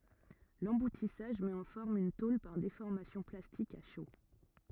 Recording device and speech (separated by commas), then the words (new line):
rigid in-ear microphone, read sentence
L'emboutissage met en forme une tôle par déformation plastique à chaud.